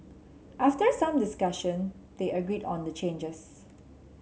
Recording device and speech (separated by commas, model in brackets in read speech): mobile phone (Samsung C7), read sentence